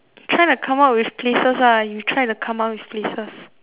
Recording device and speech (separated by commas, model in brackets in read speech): telephone, conversation in separate rooms